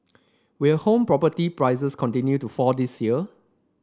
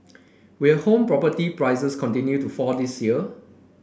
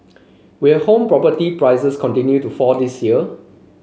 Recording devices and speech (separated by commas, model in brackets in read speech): standing microphone (AKG C214), boundary microphone (BM630), mobile phone (Samsung C5), read sentence